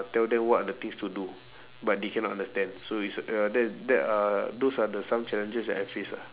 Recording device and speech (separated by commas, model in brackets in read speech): telephone, conversation in separate rooms